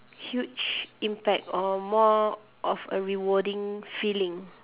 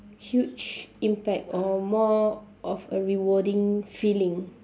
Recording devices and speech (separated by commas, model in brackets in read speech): telephone, standing microphone, conversation in separate rooms